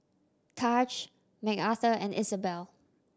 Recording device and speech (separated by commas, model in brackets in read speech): standing microphone (AKG C214), read sentence